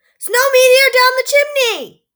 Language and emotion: English, happy